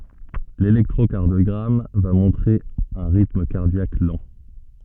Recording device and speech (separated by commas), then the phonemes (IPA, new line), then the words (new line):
soft in-ear microphone, read sentence
lelɛktʁokaʁdjɔɡʁam va mɔ̃tʁe œ̃ ʁitm kaʁdjak lɑ̃
L'électrocardiogramme va montrer un rythme cardiaque lent.